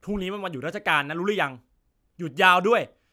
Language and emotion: Thai, angry